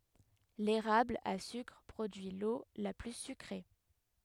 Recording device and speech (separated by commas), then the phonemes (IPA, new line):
headset microphone, read sentence
leʁabl a sykʁ pʁodyi lo la ply sykʁe